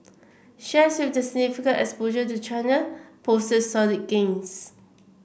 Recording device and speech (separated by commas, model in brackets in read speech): boundary microphone (BM630), read sentence